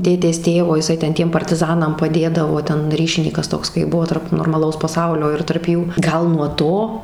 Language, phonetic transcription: Lithuanian, ˈtėtės ˈtėvo iˈsai ˈten ˈtiem partiˈzanam paˈdėdavo ˈten ˈryšinykas ˈtoks kai ˈbuvo tarp normaˈlaus paˈsaulio ir tarp ˈjų ˈgal nuo ˈto

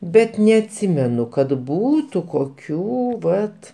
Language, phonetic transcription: Lithuanian, ˈbet neatˈsimenu kad ˈbūtu koˈkių ˈvat

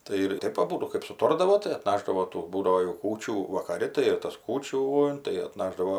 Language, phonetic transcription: Lithuanian, ˈtai ir ˈtaip aˈbūdu kɜp suˈtordavo tai atˈnašdavo ˈtų ˈbūdavo jau ˈkūčių vakaˈri tai ir tas ˈkūčių tai atˈnašdavo

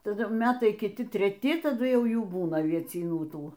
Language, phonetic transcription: Lithuanian, taˈdu ˈmetai kiˈti treˈti taˈdu ˈjau ˈjų ˈbūna aviecyˈnų ˈtų

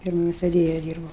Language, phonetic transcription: Lithuanian, ˈfiermos veˈdėja ˈdyrbau

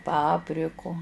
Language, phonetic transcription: Lithuanian, ˈpapriku

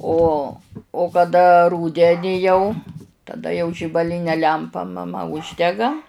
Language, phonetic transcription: Lithuanian, ˈo o kaˈda ˈrūdeni jau taˈda jau žibaˈline ˈlempa maˈma ˈuždega

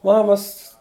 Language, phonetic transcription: Lithuanian, ˈmamas

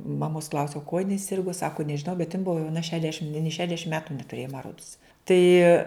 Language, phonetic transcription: Lithuanian, maˈmos ˈklausiau kuo jiˈnai ˈsirgu ˈsaku nežiˈnau bet jin ˈbuvo jauˈna ˈšedešim nė ˈšedešim ˈmetu netuˈrėjo ma ˈrods ˈtai

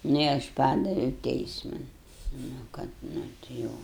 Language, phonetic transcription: Lithuanian, ˈnu i ˈaš ˈpadaviau ˈteisman nu ˈkad ˈnu ti ˈjau

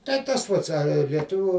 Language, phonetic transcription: Lithuanian, tai ˈtas ˈpats ar lieˈtuvių

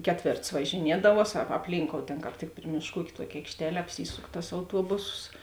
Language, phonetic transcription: Lithuanian, ˈkeˌtvėrts važiˈniedavuos a apˈlynkou ˈtėn kāp ˈtik ˈpri mėšˌkų ˈūk' ˈtuoki aikšˈtele apˈsysuk tas auˈtuobusos

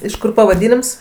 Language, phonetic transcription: Lithuanian, iš ˈkur pavaˈdynims

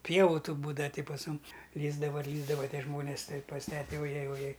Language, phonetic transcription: Lithuanian, ˈpievu tų ˈbūdava ˈti pas ˈmum ˈlįsdava ir ˈlįsdava ˈtie ˈžmonės ˈtai pas ˈtete oˈjej oˈjej

